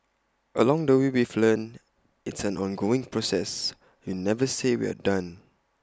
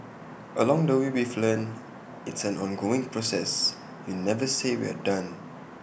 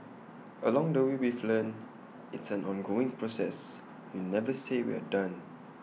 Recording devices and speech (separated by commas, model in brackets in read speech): close-talking microphone (WH20), boundary microphone (BM630), mobile phone (iPhone 6), read sentence